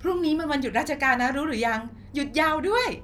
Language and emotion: Thai, happy